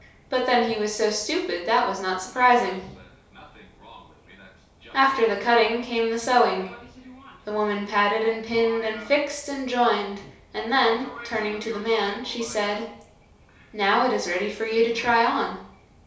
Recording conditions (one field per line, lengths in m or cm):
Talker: one person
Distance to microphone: 3.0 m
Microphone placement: far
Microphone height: 1.8 m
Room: small (3.7 m by 2.7 m)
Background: television